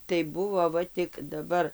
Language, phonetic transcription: Lithuanian, tai ˈbuvo ˈva tik daˈbar

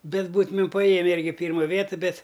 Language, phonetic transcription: Lithuanian, ˈbet ˈbūtumim paˈjėme ˈirgi ˈpyrma ˈvietɨ ˈbet

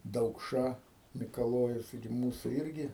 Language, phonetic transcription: Lithuanian, daukˈša mikaˈlojus ˈtaigi ˈmūsų ˈirgi

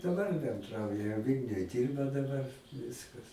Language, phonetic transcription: Lithuanian, daˈbar benˈdrauja ˈvylniuj ˈdyrba daˈbar ˈviskas

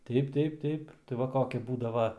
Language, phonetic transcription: Lithuanian, ˈteip ˈteip ˈteip tai ˈva ˈkoki ˈbūdava

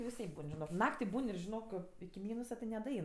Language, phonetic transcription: Lithuanian, viˈsaip ˈbūn žiˈnok ˈnakti ˈbūn ir žiˈnok iki ˈmynusa ti nedaˈein

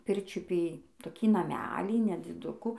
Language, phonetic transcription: Lithuanian, ˈpirčiupy toˈkį naˈmelį nedziˈduku

